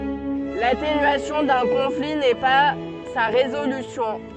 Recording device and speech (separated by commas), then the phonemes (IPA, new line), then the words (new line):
soft in-ear microphone, read sentence
latenyasjɔ̃ dœ̃ kɔ̃fli nɛ pa sa ʁezolysjɔ̃
L'atténuation d'un conflit n'est pas sa résolution.